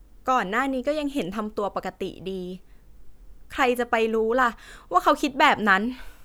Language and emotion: Thai, frustrated